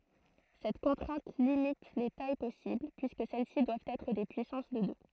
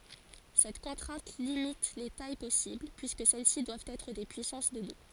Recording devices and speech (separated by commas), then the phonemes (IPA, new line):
throat microphone, forehead accelerometer, read sentence
sɛt kɔ̃tʁɛ̃t limit le taj pɔsibl pyiskə sɛl si dwavt ɛtʁ de pyisɑ̃s də dø